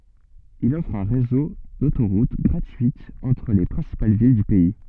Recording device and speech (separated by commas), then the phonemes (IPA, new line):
soft in-ear microphone, read sentence
il ɔfʁ œ̃ ʁezo dotoʁut ɡʁatyitz ɑ̃tʁ le pʁɛ̃sipal vil dy pɛi